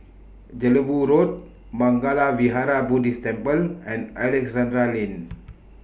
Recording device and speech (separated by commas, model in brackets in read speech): boundary microphone (BM630), read sentence